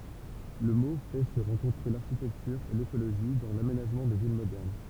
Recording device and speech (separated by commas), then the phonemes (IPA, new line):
temple vibration pickup, read sentence
lə mo fɛ sə ʁɑ̃kɔ̃tʁe laʁʃitɛktyʁ e lekoloʒi dɑ̃ lamenaʒmɑ̃ de vil modɛʁn